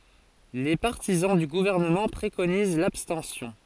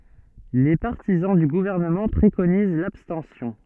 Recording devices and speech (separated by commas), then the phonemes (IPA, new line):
forehead accelerometer, soft in-ear microphone, read sentence
le paʁtizɑ̃ dy ɡuvɛʁnəmɑ̃ pʁekoniz labstɑ̃sjɔ̃